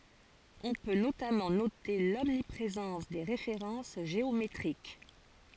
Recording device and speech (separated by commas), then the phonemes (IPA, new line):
forehead accelerometer, read sentence
ɔ̃ pø notamɑ̃ note lɔmnipʁezɑ̃s de ʁefeʁɑ̃s ʒeometʁik